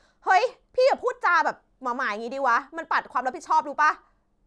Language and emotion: Thai, angry